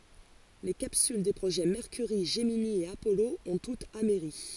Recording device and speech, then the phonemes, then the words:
forehead accelerometer, read sentence
le kapsyl de pʁoʒɛ mɛʁkyʁi ʒəmini e apɔlo ɔ̃ tutz amɛʁi
Les capsules des projets Mercury, Gemini et Apollo ont toutes amerri.

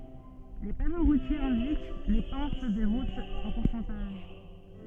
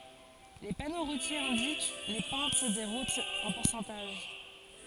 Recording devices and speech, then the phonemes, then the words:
soft in-ear microphone, forehead accelerometer, read sentence
le pano ʁutjez ɛ̃dik le pɑ̃t de ʁutz ɑ̃ puʁsɑ̃taʒ
Les panneaux routiers indiquent les pentes des routes en pourcentage.

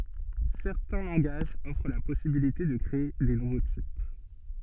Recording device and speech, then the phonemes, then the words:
soft in-ear microphone, read sentence
sɛʁtɛ̃ lɑ̃ɡaʒz ɔfʁ la pɔsibilite də kʁee de nuvo tip
Certains langages offrent la possibilité de créer des nouveaux types.

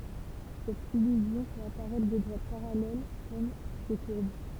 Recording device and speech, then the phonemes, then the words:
temple vibration pickup, read sentence
sɛt ilyzjɔ̃ fɛt apaʁɛtʁ de dʁwat paʁalɛl kɔm de kuʁb
Cette illusion fait apparaître des droites parallèles comme des courbes.

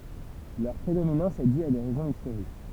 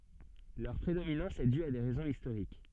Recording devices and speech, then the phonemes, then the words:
temple vibration pickup, soft in-ear microphone, read sentence
lœʁ pʁedominɑ̃s ɛ dy a de ʁɛzɔ̃z istoʁik
Leur prédominance est due à des raisons historiques.

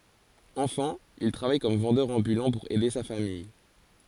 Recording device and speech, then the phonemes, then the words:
forehead accelerometer, read sentence
ɑ̃fɑ̃ il tʁavaj kɔm vɑ̃dœʁ ɑ̃bylɑ̃ puʁ ɛde sa famij
Enfant, il travaille comme vendeur ambulant pour aider sa famille.

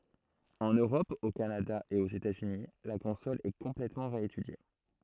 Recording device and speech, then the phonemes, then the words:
throat microphone, read sentence
ɑ̃n øʁɔp o kanada e oz etazyni la kɔ̃sɔl ɛ kɔ̃plɛtmɑ̃ ʁeetydje
En Europe, au Canada et aux États-Unis, la console est complètement réétudiée.

